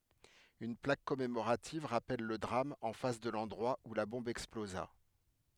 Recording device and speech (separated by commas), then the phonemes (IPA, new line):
headset microphone, read sentence
yn plak kɔmemoʁativ ʁapɛl lə dʁam ɑ̃ fas də lɑ̃dʁwa u la bɔ̃b ɛksploza